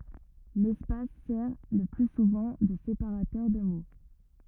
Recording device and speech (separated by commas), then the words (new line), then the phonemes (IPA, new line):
rigid in-ear microphone, read sentence
L’espace sert le plus souvent de séparateur de mots.
lɛspas sɛʁ lə ply suvɑ̃ də sepaʁatœʁ də mo